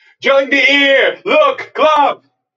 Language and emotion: English, happy